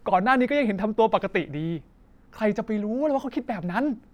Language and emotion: Thai, frustrated